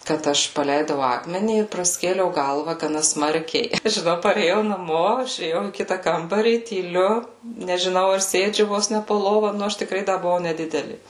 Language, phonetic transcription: Lithuanian, kad ˈaš paˈleidau ˈakmenį ir praˈskėliau ˈgalva gaˈna ˈsmarkiai i žiˈnau parėˈjau naˈmo išėˈjau į ˈkita ˈkambarį tyˈliu nežiˈnau ar ˈsėdžiu ˈvos ne po ˈlova ˈnu ˈaš tikˈrai ˈda buˈvau neˈdideli

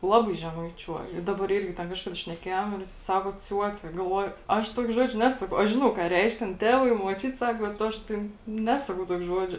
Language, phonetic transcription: Lithuanian, ˈlabai žemaiˈčiuoj i ˈdabar ˈirgi ten ˈkažkada šneˈkėjom ir jiˈsai ˈsako ˈciuoce galˈvuoju ˈaš ˈtuokė ˈžodžio ˈnesu aš ˈžinau ką ˈreišk ten ˈtevai i muoˈčiut ˈsak bet ˈaš tėn ˈnesakau ˈtuok' ˈžuodžio

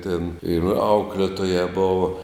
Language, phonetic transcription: Lithuanian, tėn ir ˈauklėtojā ˈbova

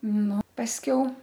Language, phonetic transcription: Lithuanian, ˈnu pasˈkiau

